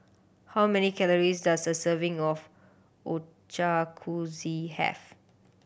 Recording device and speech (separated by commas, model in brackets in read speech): boundary microphone (BM630), read sentence